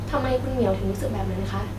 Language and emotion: Thai, neutral